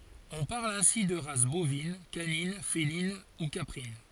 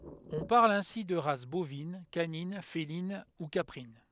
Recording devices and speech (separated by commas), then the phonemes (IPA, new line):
forehead accelerometer, headset microphone, read sentence
ɔ̃ paʁl ɛ̃si də ʁas bovin kanin felin u kapʁin